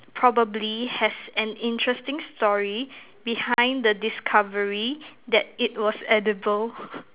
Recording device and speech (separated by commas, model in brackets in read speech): telephone, conversation in separate rooms